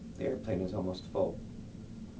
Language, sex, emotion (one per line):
English
male
neutral